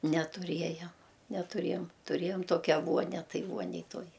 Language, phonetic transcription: Lithuanian, netuˈriejam netuˈrėjom tuˈrėjom ˈtokia ˈvuonia ˈtai ˈvuonej ˈtuoj

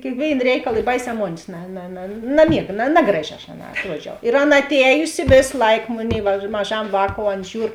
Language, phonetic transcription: Lithuanian, kėkˈvėin ˈreikal i ˈbaiˌsē ˈmonės na na na naˈmiega na ˈnagraˌži aš aˈnā atˈruodžiau ir ˈaˌna atˈējusi ˈvės ˈlaik ˈmunei va maˈžam ˈvākou ˈan ˈžiūr

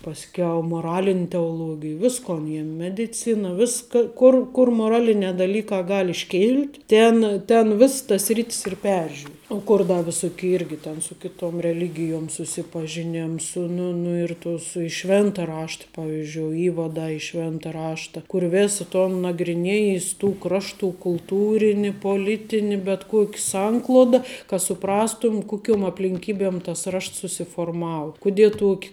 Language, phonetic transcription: Lithuanian, pasˈkiau moˈralin' teoˈlogij ˈviskon ˈėjom mediˈcina ˈviska ˈkur ˈkur moˈralinē daˈlykā ˈgal' išˈkil't' ˈtėn ten ˈviss tas ˈsrit's ir ˈperžiur o ˈkur ˈda viˈsuki ˈirgi ten su ˈkiˌtom reˈligijom susipažiˈnėms su ˈnu nu ir tus i ˈšvėnta ˈrašta ˈpavizdžioi ˈįvadą i ˈšvėnta ˈrašta kur ˈvėsa ˈton nagriˈnėjis tų ˈkraštų kulˈtūrini poˈlitini bet ˈkuok' ˈsankluoda ka suˈprastum ˈkukiom aplinˈkybėm tas ˈrašts susiforˈmau kuˈdie ˈtuok'

